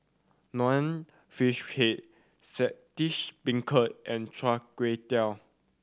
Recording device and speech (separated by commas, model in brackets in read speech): standing microphone (AKG C214), read sentence